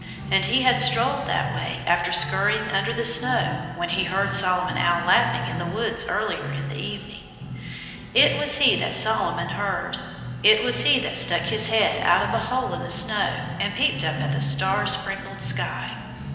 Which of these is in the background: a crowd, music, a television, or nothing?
Music.